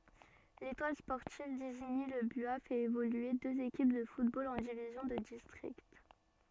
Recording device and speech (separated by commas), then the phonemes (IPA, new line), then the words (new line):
soft in-ear microphone, read sentence
letwal spɔʁtiv diziɲi lə bya fɛt evolye døz ekip də futbol ɑ̃ divizjɔ̃ də distʁikt
L'Étoile sportive d'Isigny-le-Buat fait évoluer deux équipes de football en divisions de district.